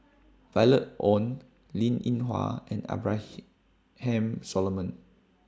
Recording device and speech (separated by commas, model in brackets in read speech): standing microphone (AKG C214), read sentence